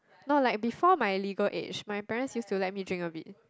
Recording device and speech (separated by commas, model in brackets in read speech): close-talking microphone, conversation in the same room